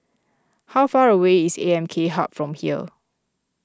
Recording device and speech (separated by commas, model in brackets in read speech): close-talking microphone (WH20), read sentence